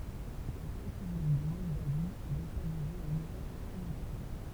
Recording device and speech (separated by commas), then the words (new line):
temple vibration pickup, read sentence
La république de Moldavie est localisée en Europe orientale.